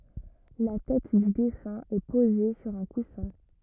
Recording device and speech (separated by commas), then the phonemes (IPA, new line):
rigid in-ear microphone, read sentence
la tɛt dy defœ̃ ɛ poze syʁ œ̃ kusɛ̃